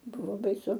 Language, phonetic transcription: Lithuanian, ˈbuvo baiˈsu

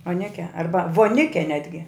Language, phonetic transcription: Lithuanian, oˈneke ˈarba voˈnike ˈnetgi

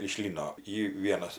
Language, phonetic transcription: Lithuanian, iš ˈlyno ˈy ˈvienas

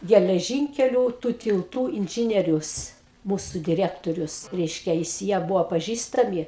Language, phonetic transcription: Lithuanian, geleˈžinkeliu tų tilˈtų inˈžinierius ˈmūsu diˈrektorius ˈreiškia jis ˈjie ˈbuvo paˈžįstami

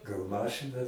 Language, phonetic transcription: Lithuanian, gal ˈmašɨna

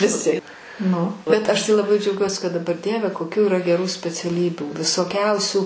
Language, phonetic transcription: Lithuanian, viˈsi nu bet ˈaš tai laˈbai džiauˈgiuosi kad daˈbar ˈdieve koˈkių yˈra geˈrų speciaˈlybių visoˈkiausių

